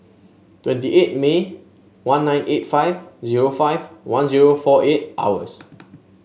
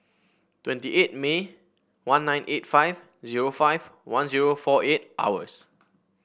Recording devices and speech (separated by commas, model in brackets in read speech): mobile phone (Samsung S8), boundary microphone (BM630), read sentence